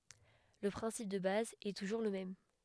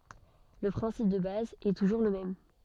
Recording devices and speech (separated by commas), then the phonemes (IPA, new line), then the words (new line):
headset microphone, soft in-ear microphone, read sentence
lə pʁɛ̃sip də baz ɛ tuʒuʁ lə mɛm
Le principe de base est toujours le même.